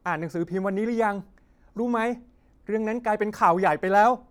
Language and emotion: Thai, frustrated